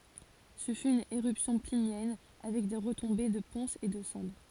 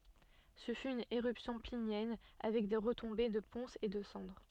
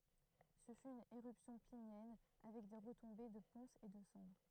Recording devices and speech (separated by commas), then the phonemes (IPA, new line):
forehead accelerometer, soft in-ear microphone, throat microphone, read sentence
sə fy yn eʁypsjɔ̃ plinjɛn avɛk de ʁətɔ̃be də pɔ̃sz e də sɑ̃dʁ